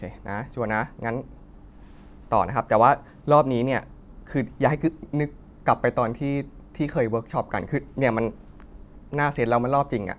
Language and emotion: Thai, frustrated